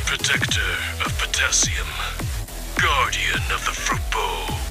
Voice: gravelly voice